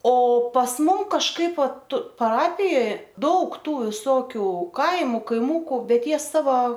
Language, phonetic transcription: Lithuanian, o pas ˈmum kažˈkaip ˈvat paˈrapijoj ˈdaug ˈtų viˈsokiu ˈkaimu kaiˈmuku ˈbet ˈjie ˈsava

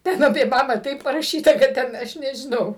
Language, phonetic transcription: Lithuanian, ˈten apė ˈbabą ˈtaip paraˈšyta kad ˈten ˈaš nežiˈnau

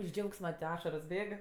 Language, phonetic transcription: Lithuanian, iš ˈdžiaugsma ˈašaros ˈbėg

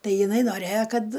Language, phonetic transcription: Lithuanian, ˈtai jiˈnai noˈrėjo ˈkad

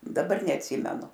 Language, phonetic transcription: Lithuanian, daˈbar neatˈsymenu

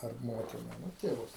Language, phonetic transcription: Lithuanian, ar ˈmotina nu tėˈvus

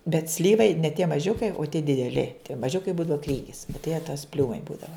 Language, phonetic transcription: Lithuanian, bet ˈslyvai ne tie maˈžiukai o tie dideˈli tie maˈžiukai ˈbūdava ˈkrygis o tai jie tas ˈpliūmai ˈbūdava

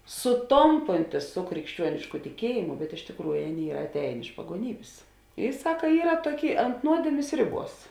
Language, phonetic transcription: Lithuanian, suˈtompontis su krikšˈčiuonišku tiˈkiejimu bet iš tikˈrųju ˈaˌnėi ˈyra atˈējėn iš paguoˈnybės i ˈsaka ˈyra ˈtuoˌkėi ant ˈnuodėmės ˈriˌbuos

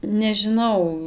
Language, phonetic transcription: Lithuanian, nežiˈnau

